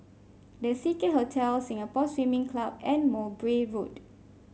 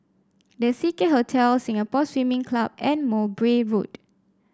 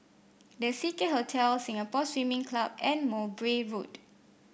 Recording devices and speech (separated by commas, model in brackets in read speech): mobile phone (Samsung C5), standing microphone (AKG C214), boundary microphone (BM630), read sentence